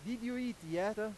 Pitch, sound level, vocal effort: 215 Hz, 98 dB SPL, very loud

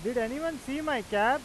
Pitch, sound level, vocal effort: 265 Hz, 98 dB SPL, very loud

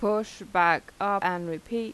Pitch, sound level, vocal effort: 200 Hz, 88 dB SPL, normal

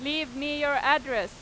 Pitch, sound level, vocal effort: 290 Hz, 96 dB SPL, very loud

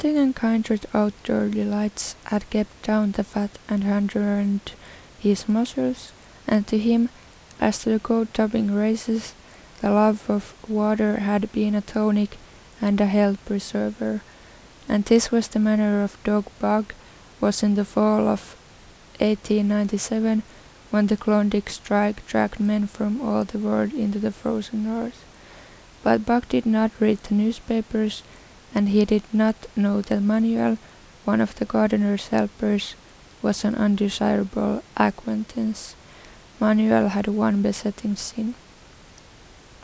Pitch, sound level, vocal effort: 210 Hz, 78 dB SPL, soft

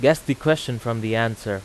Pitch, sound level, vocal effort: 115 Hz, 89 dB SPL, loud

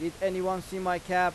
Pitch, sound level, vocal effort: 180 Hz, 94 dB SPL, loud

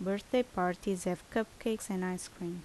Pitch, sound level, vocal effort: 190 Hz, 77 dB SPL, normal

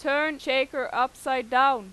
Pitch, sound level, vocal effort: 265 Hz, 96 dB SPL, very loud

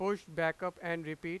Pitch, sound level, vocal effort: 170 Hz, 97 dB SPL, very loud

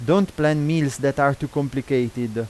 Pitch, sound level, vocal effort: 140 Hz, 89 dB SPL, loud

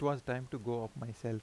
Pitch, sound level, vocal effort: 125 Hz, 85 dB SPL, normal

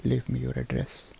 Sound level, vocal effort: 71 dB SPL, soft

